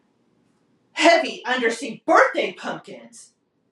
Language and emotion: English, angry